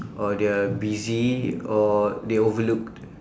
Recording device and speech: standing microphone, conversation in separate rooms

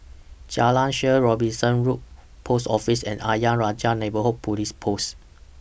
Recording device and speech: boundary microphone (BM630), read sentence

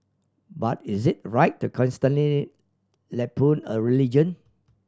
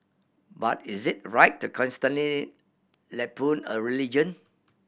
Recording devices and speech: standing microphone (AKG C214), boundary microphone (BM630), read sentence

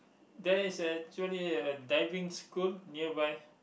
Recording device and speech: boundary microphone, conversation in the same room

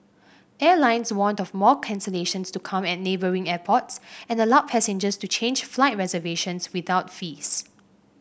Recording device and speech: boundary microphone (BM630), read sentence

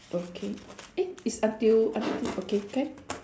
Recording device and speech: standing microphone, conversation in separate rooms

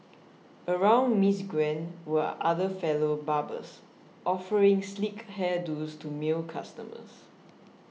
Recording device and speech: mobile phone (iPhone 6), read sentence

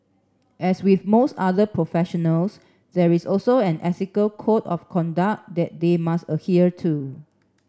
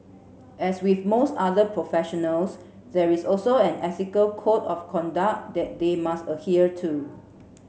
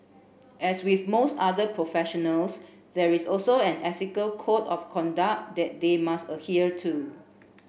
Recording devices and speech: standing microphone (AKG C214), mobile phone (Samsung C7), boundary microphone (BM630), read sentence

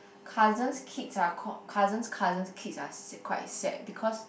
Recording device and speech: boundary microphone, conversation in the same room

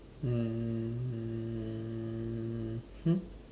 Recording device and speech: standing microphone, conversation in separate rooms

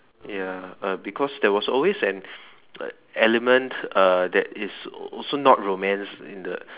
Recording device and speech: telephone, conversation in separate rooms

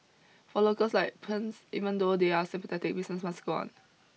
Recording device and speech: mobile phone (iPhone 6), read sentence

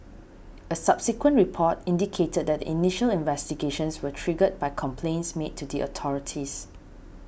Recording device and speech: boundary microphone (BM630), read sentence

